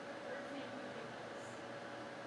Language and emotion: English, neutral